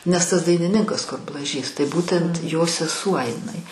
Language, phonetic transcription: Lithuanian, nes tas dainiˈninkas kur blaˈžys tai ˈbūtent jo seˈsuo iˈnai

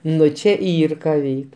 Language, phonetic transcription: Lithuanian, ˈnu čia ˈyr ka ˈveik

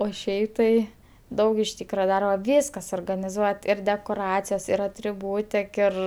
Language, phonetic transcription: Lithuanian, o ˈšiai tai ˈdaug iš ˈtykra ˈdarba ˈvyska suorganiˈzuot' ir dekoˈracijos ir atriˈbūtik ˈir

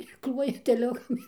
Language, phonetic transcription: Lithuanian, i ˈkluoja teˈliukam

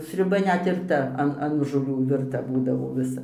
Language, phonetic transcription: Lithuanian, sriuˈba ɘnet ir ˈta ˈan an žoˈlių virˈta ˈbūdavo viˈsa

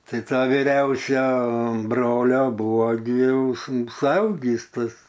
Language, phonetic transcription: Lithuanian, tai ˈtą viˈriausio ˈbrolio ˈbuvo gi ˈjau su suauˈgįs ˈtas

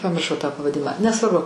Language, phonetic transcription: Lithuanian, pamirˈšau tą pavaˈdimą nesvarˈbu

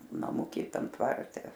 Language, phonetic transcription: Lithuanian, naˈmuky ˈtam ˈtvarte

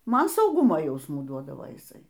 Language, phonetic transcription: Lithuanian, ˈman sauˈgumo ˈjausmų ˈduodavo jiˈsai

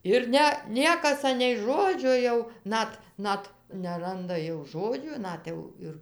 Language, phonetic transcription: Lithuanian, ir ˈne ˈniekas ˈanei ˈžodžio jau ˈnat ˈnat neˈranda jau ˈžodžių ˈnat jau ir

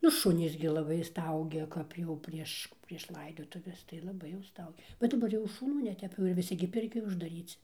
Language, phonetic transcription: Lithuanian, nu ˈšunys gi laˈbai ˈstaugia ˈkap jau ˈprieš prieš ˈlaidotuves tai laˈbai jau ˈstaugia bet daˈbar jau šuˈnų neˈtep jau ir viˈsi gi ˈpirkioj uždaˈryci

